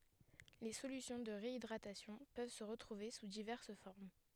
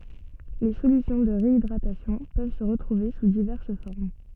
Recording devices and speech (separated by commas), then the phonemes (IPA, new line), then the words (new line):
headset microphone, soft in-ear microphone, read sentence
le solysjɔ̃ də ʁeidʁatasjɔ̃ pøv sə ʁətʁuve su divɛʁs fɔʁm
Les solutions de réhydratation peuvent se retrouver sous diverses formes.